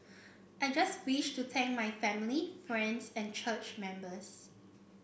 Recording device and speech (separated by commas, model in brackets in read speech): boundary microphone (BM630), read sentence